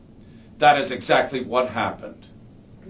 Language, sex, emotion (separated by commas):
English, male, angry